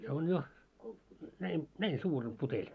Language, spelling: Finnish, se on jo näin näin suuri on puteli
- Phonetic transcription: se on jo , näi , "näin 'suur om puteĺ .

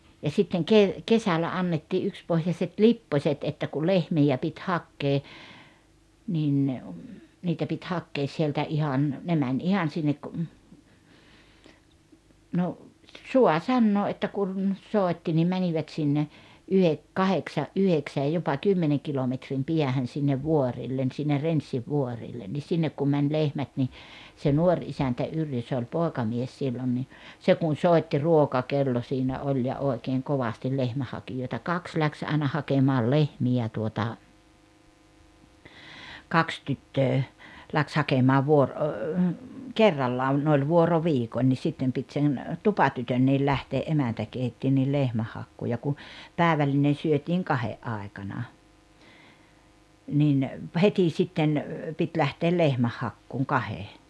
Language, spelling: Finnish, ja sitten - kesällä annettiin yksipohjaiset lipposet että kun lehmiä piti hakea niin niitä piti hakea sieltä ihan ne meni ihan sinne - no saa sanoa että kun soitti niin menivät sinne - kahdeksan yhdeksän jopa kymmenen kilometrin päähän sinne vuorille sinne Renssinvuorille niin sinne kun meni lehmät niin se nuori isäntä Yrjö se oli poikamies silloin niin se kun soitti ruokakello siinä oli ja oikein kovasti lehmänhakijoita kaksi lähti aina hakemaan lehmiä tuota kaksi tyttöä lähti hakemaan - - kerrallaan ne oli vuoroviikoin niin sitten piti sen tupatytönkin lähteä emäntä keitti niin lehmänhakuun ja kun päivällinen syötiin kahden aikana niin heti sitten piti lähteä lehmänhakuun kahden
- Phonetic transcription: ja sitteŋ 'kev- , 'kesälä 'annettii '’ykspohjaset "lippośet että ku 'lehmijä pit "hakkee , nin , 'niitä pit 'hakkees sieltä 'ihan , ne mäń 'ihan sinnek kᵘ- , no , 'sua "sannoo ’että kun , 'sòetti nim 'mänivät sinne , 'yhek- 'kaheksa’ "’yheksäj jopa "kymmeneŋ 'kilometrim 'piähän̬ sinnev "vuorìllen sinne "Renssivvuorillen ni 'sinnek kum mäń 'lehmät ni , se "nuoŕ isäntä 'Yrjö se oĺ "pòekamies 'sillon ni , 'se kun̬ "sòitti "ruokakello siinä 'oĺ ja 'òekeeŋ 'kovastil 'lehmäh̆hakijòeta "kaks läks aena 'hakemaal "lehmi₍ä tuota , 'kaks 'tyttöö , läks 'hakemaa 'vuor- , o- , "kerrallaan ne oĺ 'vuoro"viikoń ńis 'sittem pit sen , "tupatytönniil 'lähtee’ '’emäntä 'keitti nil 'lehmähhakkuu ja ku , 'pä̀evällinen̬ syötiiŋ "kahe’ '’ài̬kana , nin , "heti 'sitten , 'pit 'lähteel "lehmähhakkuuŋ "kahe .

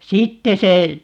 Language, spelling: Finnish, sitten se
- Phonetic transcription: "sitte 'se , .

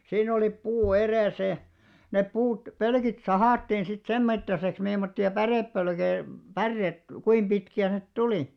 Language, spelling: Finnish, siinä oli puu edessä ja ne puut pölkit sahattiin sitten sen mittaiseksi mimmoisia pärepölkkejä päreet kuinka pitkiä ne tuli
- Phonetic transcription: siin ‿olip 'puu 'erèsä ja , nep 'puut , "pölkit "sahàttiin sit 'sem mittaseks mimmotti₍a 'pärèppölkei , "pärreet , 'kuim ʙitki₍ä net "tulì .

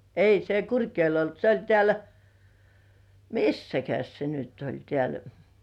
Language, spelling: Finnish, ei se Kurkijoella ollut se oli täällä missäs se nyt oli täällä
- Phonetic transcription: 'ei se "Kurkjoḙl olt se oĺ tĕä̀l , "missäkäs 'se nyt oĺ 'tĕä̀l .

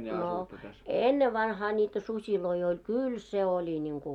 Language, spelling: Finnish, no ennen vanhaan niitä susia oli kyllä se oli niin kuin
- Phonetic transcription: no , "ennev'vanhaa ńiitä 'suśiloi oĺ "kyl 'se 'oĺi ńiŋku .

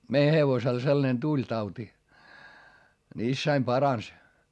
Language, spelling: Finnish, meidän hevosella sellainen tuli tauti niin isäni paransi
- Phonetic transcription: mei hevosel sellᵃnen tuĺ tauti , ni issäim parans .

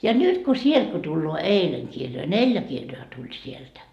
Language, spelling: Finnish, ja nyt kun sieltä kun tulee eilen kirjoja neljä kirjaa tuli sieltä
- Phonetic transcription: ja 'nyt ko "sielD ko tulloo "eileŋ 'kirjoi , "neĺjä kirjoa tuĺ sieltä .

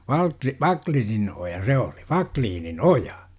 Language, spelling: Finnish, - Wacklinin oja se oli Wacklinin oja
- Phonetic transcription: Valtli- , "Vakliinin oja 'se oli , "Vakliinin "oja .

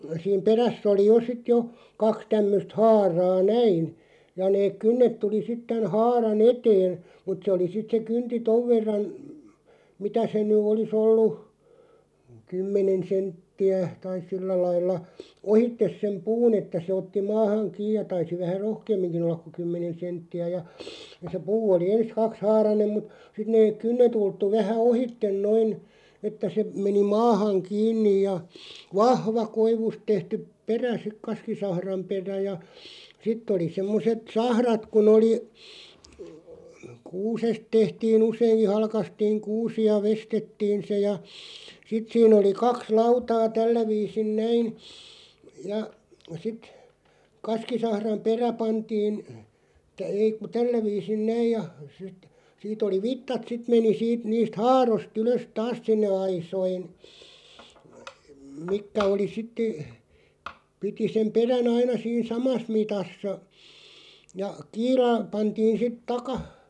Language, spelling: Finnish, siinä perässä oli jo sitten jo kaksi tämmöistä haaraa näin ja ne kynnet tuli sitten tämän haaran eteen mutta se oli sitten se kynti tuon verran mitä se nyt olisi ollut kymmenen senttiä tai sillä lailla ohitse sen puun että se otti maahan kiinni ja taisi vähän rohkeamminkin olla kuin kymmenen senttiä ja ja se puu oli ensin kaksihaarainen mutta sitten ne kynnet ulottui vähän ohitse noin että se meni maahan kiinni ja vahva koivusta tehty perä sitten kaskisahran perä ja sitten oli semmoiset sahrat kun oli kuusesta tehtiin useinkin halkaistiin kuusi ja veistettiin se ja sitten siinä oli kaksi lautaa tällä viisin näin ja sitten kaskisahran perä pantiin ei kun tällä viisin näin ja sitten siitä oli vitsat sitten meni siitä niistä haaroista ylös taas sinne aisoihin mitkä oli sitten piti sen perän aina siinä samassa mitassa ja kiila pantiin sitten -
- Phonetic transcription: siim 'peräsˢ ‿oli 'jo sit jo 'kaks 'tämmöst "haaraa "näin , ja neeᵏ "kynnet 'tuli sit 'tän 'haara"n ‿eteen̬ , mut se oli 'sit se 'kynti "tov 'verran , 'mitä se ny 'oli's ‿ollu , 'kymmenen̬ 'sentti₍ä taiˢ "sillä 'lailla , "ohittes sem 'puun ‿että se otti 'maahaŋ "kiij ja 'taisi 'vähä "rohkeemmiŋkiⁿ ‿ollak ku 'kymmenen̬ 'sentti₍ä ja , ja se 'puu oli "ens 'kaks'haaranem mut , 'sit neeᵏ "kynne't ‿ulttu 'vähä "ohitten 'noin , että se 'meni "maahaŋ 'kiinnij ja , "vahva , 'koivust 'tehtyp "perä sik 'kaskisahram 'perä ja , 'sitᵗ ‿oli 'semmoset "sahrat kun ‿oli , "kuusest 'tehtii'n ‿useiŋki 'halkastiiŋ "kuusi ja 'vestettiin̬ se ja , 'sit siin ‿oli 'kaks "lautaa 'tällä 'viisin "näin , ja , sit , 'kaskisahram "perä 'pantiin , 'ei ku 'tällä 'viisin "näij ja , (sit) 'siit ‿oli "vittat 'sit meni siit 'niist "haaros't ‿ylös "taas sinne 'aisoin , 'mikkä oli 'sitte , 'piti sem 'perä"n ‿aina siin "samas 'mitassa , ja , 'kiila , 'pantiin̬ sit "takah- ,.

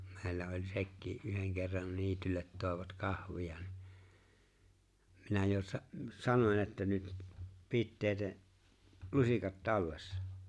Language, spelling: Finnish, meillä oli sekin yhden kerran niitylle toivat kahvia niin minä jo - sanon että nyt pitäkää lusikat tallessa
- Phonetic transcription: 'meeⁱllä oĺ̀ 'sekkii’ '’yheŋ kerran 'niityllet 'tòevat "kahv̀ia ni , minä jo 'sa- 'sanoń että » 'nyt , 'pitteete’ , "lusikat "tallessᴀ « .

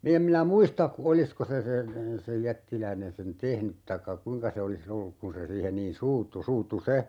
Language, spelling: Finnish, minä en minä muista olisiko se sen sen jättiläinen sen tehnyt tai kuinka se olisi ollut kun se siihen niin suuttui suuttui se
- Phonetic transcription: 'min ‿em minä "muista , "olisko se sen , 'sej "jättiläinen 'sen "tehnyt taⁱkka 'kuⁱŋka se oli"s ‿olluk kun se 'siihen niin "suuttu 'suuttu "se !

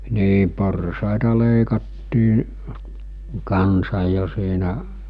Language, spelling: Finnish, niin porsaita leikattiin kanssa jo siinä
- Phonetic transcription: 'nii 'porsàeta 'lèikattii , 'kansaj̆ jo siinä .

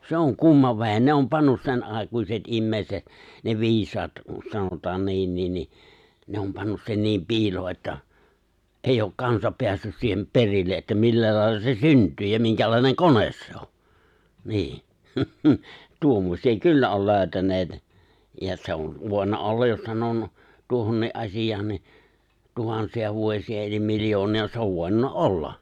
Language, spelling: Finnish, se on kumma vehje ne on pannut senaikaiset ihmiset ne viisaat sanotaan niinkin niin ne on pannut sen niin piiloon että ei ole kansa päässyt siihen perille että millä lailla se syntyy ja minkälainen kone se on niin tuommoisia kyllä on löytäneet ja se on voinut olla jos - tuohonkin asiaan niin tuhansia vuosia eli miljoonia se on voinut olla
- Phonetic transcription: se oŋ "kumma 've̬hen 'ne om 'pannus 'sen’àekuiset ’immèiset , ne 'vi̬is̀aat , sanot̀aan 'niinniin ni , 'ne om 'pannus sen niim 'piiloo että , '’eijj ‿ok 'kansa 'peässys siihem 'perille ’että "millä 'lài̬lla se "synt̀yy ja 'miŋkälài̬neŋ "kones se o , nii , , 'tuommośi₍a "kyllä oi lö̀y̬täneet , ja se on , 'vòena "ollaj jos sanonu- , 'tuohonnii’ '’asijaan ni , 'tuhansi₍a vuòsi₍a elim 'miljooni₍a , se ov 'vòi̬nunna "olla .

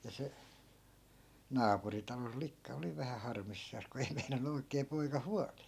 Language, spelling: Finnish, ja se naapurin talon likka oli vähän harmissaan kun ei meinannut oikein poika huolia
- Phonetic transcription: ja 'se , 'naapuri talol 'likka oli 'vähä 'harmissaas ku ei 'meinan̆nu oikee 'poika "hualii .

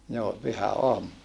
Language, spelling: Finnish, joo pyhäaamuna
- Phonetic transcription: joo , pyhä₍oamuna .

